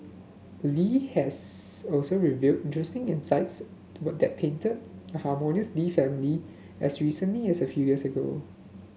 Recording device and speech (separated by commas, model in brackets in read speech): mobile phone (Samsung S8), read sentence